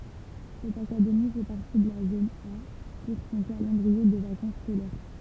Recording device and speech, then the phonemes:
temple vibration pickup, read sentence
sɛt akademi fɛ paʁti də la zon a puʁ sɔ̃ kalɑ̃dʁie də vakɑ̃s skolɛʁ

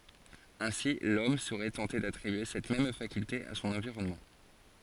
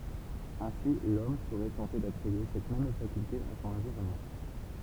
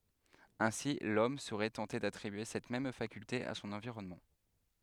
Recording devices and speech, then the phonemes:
forehead accelerometer, temple vibration pickup, headset microphone, read sentence
ɛ̃si lɔm səʁɛ tɑ̃te datʁibye sɛt mɛm fakylte a sɔ̃n ɑ̃viʁɔnmɑ̃

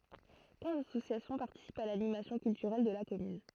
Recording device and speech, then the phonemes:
throat microphone, read sentence
kɛ̃z asosjasjɔ̃ paʁtisipt a lanimasjɔ̃ kyltyʁɛl də la kɔmyn

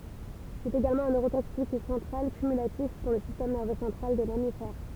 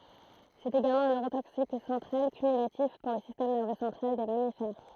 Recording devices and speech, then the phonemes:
temple vibration pickup, throat microphone, read sentence
sɛt eɡalmɑ̃ œ̃ nøʁotoksik sɑ̃tʁal kymylatif puʁ lə sistɛm nɛʁvø sɑ̃tʁal de mamifɛʁ

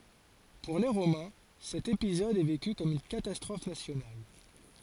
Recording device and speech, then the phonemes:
forehead accelerometer, read sentence
puʁ le ʁomɛ̃ sɛt epizɔd ɛ veky kɔm yn katastʁɔf nasjonal

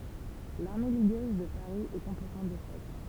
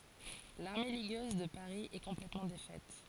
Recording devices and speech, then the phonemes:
temple vibration pickup, forehead accelerometer, read sentence
laʁme liɡøz də paʁi ɛ kɔ̃plɛtmɑ̃ defɛt

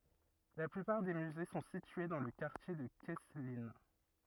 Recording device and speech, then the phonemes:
rigid in-ear microphone, read sentence
la plypaʁ de myze sɔ̃ sitye dɑ̃ lə kaʁtje də kɛsklin

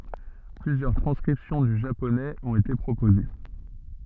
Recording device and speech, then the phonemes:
soft in-ear microphone, read sentence
plyzjœʁ tʁɑ̃skʁipsjɔ̃ dy ʒaponɛz ɔ̃t ete pʁopoze

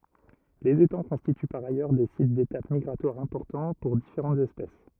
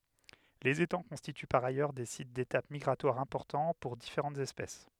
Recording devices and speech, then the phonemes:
rigid in-ear microphone, headset microphone, read sentence
lez etɑ̃ kɔ̃stity paʁ ajœʁ de sit detap miɡʁatwaʁ ɛ̃pɔʁtɑ̃ puʁ difeʁɑ̃tz ɛspɛs

